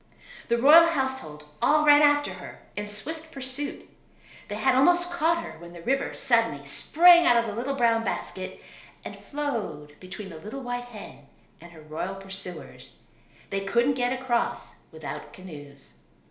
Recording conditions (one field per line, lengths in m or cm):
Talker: one person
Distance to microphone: 1.0 m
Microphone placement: close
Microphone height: 1.1 m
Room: small (3.7 m by 2.7 m)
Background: none